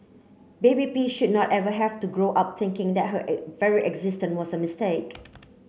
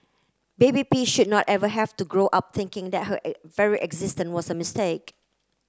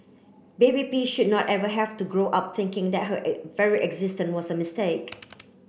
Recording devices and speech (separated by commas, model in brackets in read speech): mobile phone (Samsung C9), close-talking microphone (WH30), boundary microphone (BM630), read sentence